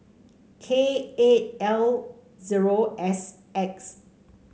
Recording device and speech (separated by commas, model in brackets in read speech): mobile phone (Samsung C5), read sentence